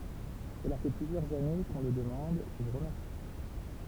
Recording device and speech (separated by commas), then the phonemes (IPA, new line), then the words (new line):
temple vibration pickup, read sentence
səla fɛ plyzjœʁz ane kə ɔ̃ lə dəmɑ̃d ʒə vu ʁəmɛʁsi
Cela fait plusieurs années que on le demande, je vous remercie.